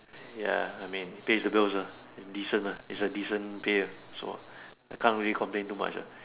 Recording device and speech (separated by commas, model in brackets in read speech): telephone, conversation in separate rooms